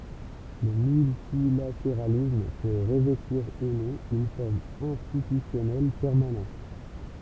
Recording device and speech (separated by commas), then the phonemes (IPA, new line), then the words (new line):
temple vibration pickup, read sentence
lə myltilateʁalism pø ʁəvɛtiʁ u nɔ̃ yn fɔʁm ɛ̃stitysjɔnɛl pɛʁmanɑ̃t
Le multilatéralisme peut revêtir ou non une forme institutionnelle permanente.